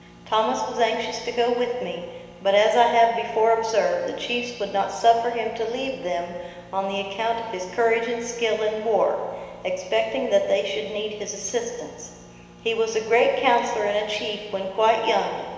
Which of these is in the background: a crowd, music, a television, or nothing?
Nothing.